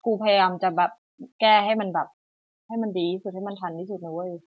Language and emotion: Thai, frustrated